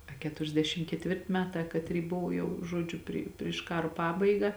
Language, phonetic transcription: Lithuanian, a ˌketuriasˈdešim ketˈvirti ˈmeˌtā kaˈtry ˈbuvo jau ˈžuodžiu ˈpri priš ˈkaro ˈpabaiga

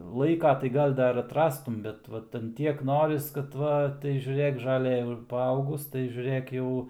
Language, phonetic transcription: Lithuanian, laiˈka tai ˈgal ˈdar atˈrastum ˈbet ˈvat an ˈtiek ˈnoris kad ˈva tai žiuˈrėk žaˈlɘ jau ir paˈaugus tai žiuˈrɘk ˈjau

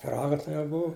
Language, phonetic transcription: Lithuanian, piˈraga ˈtai jau ˈbuvu

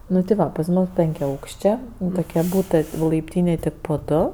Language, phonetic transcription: Lithuanian, ˈnu tai ˈva pas ˈmus penkiaˈaukščė tuˈkie ˈbūtɜ laipˈtynėj ˈtik po ˈdu

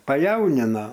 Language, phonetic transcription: Lithuanian, paˈjaunina

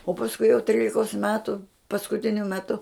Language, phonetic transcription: Lithuanian, o pasˈkui jau ˈtrylikos ˈmetu paskuˈtiniu meˈtu

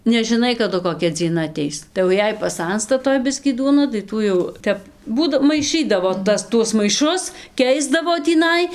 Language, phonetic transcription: Lithuanian, nežiˈnai kaˈdu koˈkia dzieˈna aˈteis tai jau ˈjei paˈsansta ˈtoj ˈbiskį ˈduona tai ˈtų jau ˈtep ˈbūda maiˈšɨdavo ˈtas ˈtuos maiˈšus ˈkeisdavo tįˈnai

